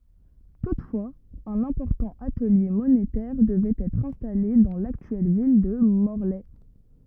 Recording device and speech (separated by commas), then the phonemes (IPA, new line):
rigid in-ear microphone, read sentence
tutfwaz œ̃n ɛ̃pɔʁtɑ̃ atəlje monetɛʁ dəvɛt ɛtʁ ɛ̃stale dɑ̃ laktyɛl vil də mɔʁlɛ